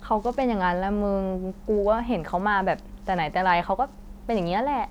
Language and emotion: Thai, neutral